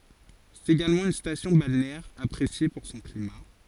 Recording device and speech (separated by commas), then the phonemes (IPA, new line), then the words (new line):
forehead accelerometer, read sentence
sɛt eɡalmɑ̃ yn stasjɔ̃ balneɛʁ apʁesje puʁ sɔ̃ klima
C'est également une station balnéaire appréciée pour son climat.